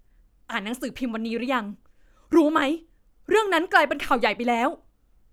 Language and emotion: Thai, happy